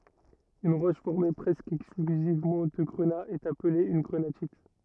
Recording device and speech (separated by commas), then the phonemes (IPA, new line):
rigid in-ear microphone, read sentence
yn ʁɔʃ fɔʁme pʁɛskə ɛksklyzivmɑ̃ də ɡʁəna ɛt aple yn ɡʁənatit